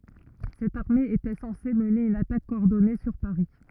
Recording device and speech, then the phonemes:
rigid in-ear microphone, read sentence
sɛt aʁme etɛ sɑ̃se məne yn atak kɔɔʁdɔne syʁ paʁi

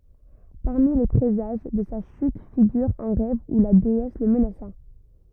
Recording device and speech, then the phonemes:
rigid in-ear microphone, read sentence
paʁmi le pʁezaʒ də sa ʃyt fiɡyʁ œ̃ ʁɛv u la deɛs lə mənasa

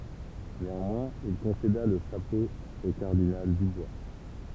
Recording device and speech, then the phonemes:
temple vibration pickup, read sentence
neɑ̃mwɛ̃z il kɔ̃seda lə ʃapo o kaʁdinal dybwa

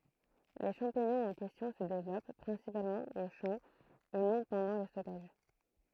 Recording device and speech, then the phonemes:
throat microphone, read sentence
le ʃɑ̃piɲɔ̃z ɑ̃ kɛstjɔ̃ sə devlɔp pʁɛ̃sipalmɑ̃ o ʃɑ̃ e nɔ̃ pɑ̃dɑ̃ lə stɔkaʒ

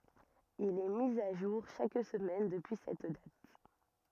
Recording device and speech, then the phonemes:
rigid in-ear microphone, read sentence
il ɛ mi a ʒuʁ ʃak səmɛn dəpyi sɛt dat

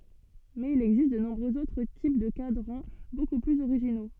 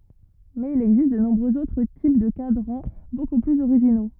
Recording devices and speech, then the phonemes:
soft in-ear microphone, rigid in-ear microphone, read sentence
mɛz il ɛɡzist də nɔ̃bʁøz otʁ tip də kadʁɑ̃ boku plyz oʁiʒino

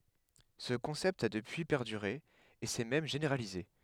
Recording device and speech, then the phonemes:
headset microphone, read sentence
sə kɔ̃sɛpt a dəpyi pɛʁdyʁe e sɛ mɛm ʒeneʁalize

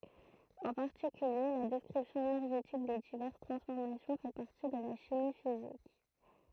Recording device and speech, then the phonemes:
throat microphone, read sentence
ɑ̃ paʁtikylje la dɛskʁipsjɔ̃ enɛʁʒetik de divɛʁs tʁɑ̃sfɔʁmasjɔ̃ fɛ paʁti də la ʃimi fizik

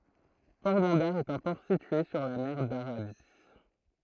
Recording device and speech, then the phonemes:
throat microphone, read sentence
pɔʁbɑ̃daʁ ɛt œ̃ pɔʁ sitye syʁ la mɛʁ daʁabi

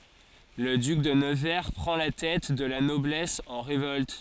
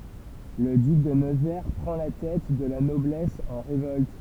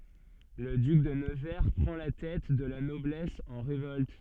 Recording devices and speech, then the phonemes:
forehead accelerometer, temple vibration pickup, soft in-ear microphone, read sentence
lə dyk də nəvɛʁ pʁɑ̃ la tɛt də la nɔblɛs ɑ̃ ʁevɔlt

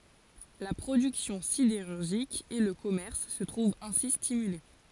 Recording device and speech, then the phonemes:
forehead accelerometer, read sentence
la pʁodyksjɔ̃ sideʁyʁʒik e lə kɔmɛʁs sə tʁuvt ɛ̃si stimyle

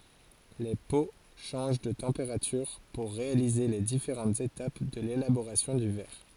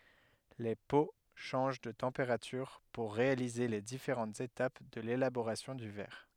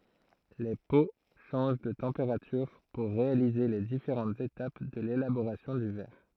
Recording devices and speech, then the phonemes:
forehead accelerometer, headset microphone, throat microphone, read sentence
le po ʃɑ̃ʒ də tɑ̃peʁatyʁ puʁ ʁealize le difeʁɑ̃tz etap də lelaboʁasjɔ̃ dy vɛʁ

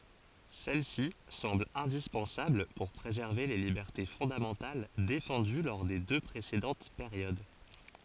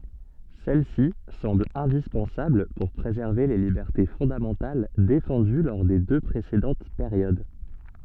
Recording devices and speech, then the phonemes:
forehead accelerometer, soft in-ear microphone, read sentence
sɛl si sɑ̃bl ɛ̃dispɑ̃sabl puʁ pʁezɛʁve le libɛʁte fɔ̃damɑ̃tal defɑ̃dy lɔʁ de dø pʁesedɑ̃t peʁjod

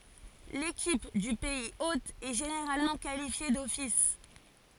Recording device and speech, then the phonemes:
forehead accelerometer, read sentence
lekip dy pɛiz ot ɛ ʒeneʁalmɑ̃ kalifje dɔfis

